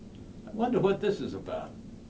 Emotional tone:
neutral